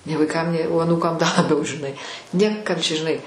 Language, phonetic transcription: Lithuanian, nė vaiˈkam nė o aˈnūkam da laˈbiau žiˈnai ˈnėkam ˈčia žiˈnai

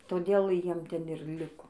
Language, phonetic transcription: Lithuanian, toˈdėl ˈjiem ˈten ir ˈliko

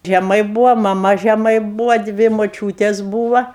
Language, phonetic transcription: Lithuanian, žeˈmai ˈbūva maˈma žeˈmai ˈbūva ˈdvi moˈčiūtės ˈbūva

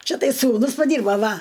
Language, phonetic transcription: Lithuanian, ˈčia ˈtai sūˈnus paˈdyrbo ˈva

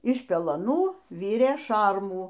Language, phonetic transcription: Lithuanian, iš pelaˈnų ˈvirė ˈšarmų

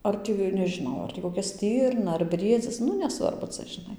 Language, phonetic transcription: Lithuanian, ˈar tį nežiˈnau ˈar tį koˈkia ˈstirna ar ˈbriedzis ˈnu neˈsvarbu ˈca žiˈnai

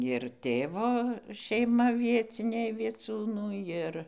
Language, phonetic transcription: Lithuanian, ir ˈtėvo šeiˈma ˈvieciniai vieˈciūnų ˈjir

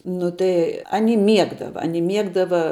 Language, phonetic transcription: Lithuanian, ˈnu tai aˈni ˈmiegdava aˈni ˈmiegdava

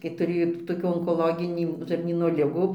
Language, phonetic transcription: Lithuanian, kai tuˈrėjo toˈkių onkoloˈginį žarˈnyno ˈligų

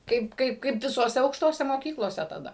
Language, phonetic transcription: Lithuanian, ˈkaip ˈkaip kaip visoˈse aukšˈtose moˈkyklose taˈda

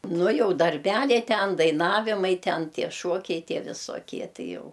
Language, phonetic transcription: Lithuanian, ˈnu ˈjau darˈbæliai ˈten daiˈnavimai ˈten ˈtie ˈšuokiai ˈtie visoˈkie ˈti ˈjau

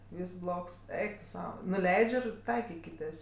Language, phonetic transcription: Lithuanian, ˈvys ˈbloks ˈeik tu ˈsau nuˈleidž' ir ˈtaikikitės

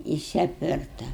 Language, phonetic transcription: Lithuanian, ˈjis apˈvirta

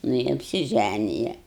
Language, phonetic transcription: Lithuanian, nu i apsiˈžænija

